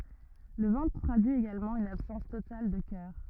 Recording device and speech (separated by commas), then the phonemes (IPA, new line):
rigid in-ear microphone, read sentence
lə vɑ̃tʁ tʁadyi eɡalmɑ̃ yn absɑ̃s total də kœʁ